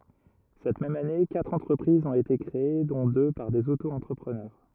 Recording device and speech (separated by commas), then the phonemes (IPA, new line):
rigid in-ear microphone, read sentence
sɛt mɛm ane katʁ ɑ̃tʁəpʁizz ɔ̃t ete kʁee dɔ̃ dø paʁ dez otoɑ̃tʁəpʁənœʁ